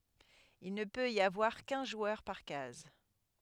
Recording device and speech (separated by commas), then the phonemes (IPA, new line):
headset microphone, read sentence
il nə pøt i avwaʁ kœ̃ ʒwœʁ paʁ kaz